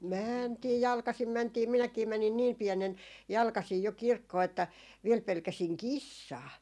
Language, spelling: Finnish, mentiin jalkaisin mentiin minäkin menin niin pienenä jalkaisin jo kirkkoon että vielä pelkäsin kissaa
- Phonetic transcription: "mäntii 'jalkasim 'mäntii "minäkii 'mänin "niim 'piɛnen , 'jalkasii jo "kirkkoo että 'viel 'pelkäsiŋ "kissaa .

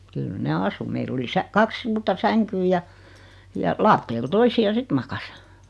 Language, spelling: Finnish, kyllä ne asui meillä oli - kaksi suurta sänkyä ja ja lattialla toisia sitten makasi
- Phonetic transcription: 'kyl 'ne "asu 'meil ‿oli 'sä- , 'kaks 'suurta "säŋkyy ja , ja 'laatteel 'toisi₍a "sit makas .

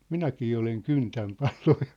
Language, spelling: Finnish, minäkin olen kyntänyt paloa
- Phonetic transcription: minäkii oleŋ "kyntäm "palᴏᴏ .

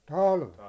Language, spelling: Finnish, talvella
- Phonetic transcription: 'talvel .

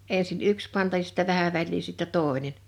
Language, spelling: Finnish, ensin yksi panta ja sitten vähän väliä sitten toinen
- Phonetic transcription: 'ènsin "yks panta ja sɪttä 'vähä väĺlii sittɛ "tòḙnen .

